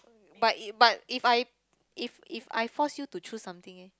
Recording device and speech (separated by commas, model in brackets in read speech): close-talking microphone, conversation in the same room